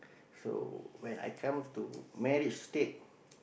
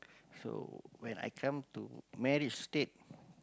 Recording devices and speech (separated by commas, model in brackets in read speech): boundary microphone, close-talking microphone, conversation in the same room